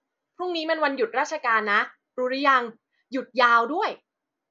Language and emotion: Thai, happy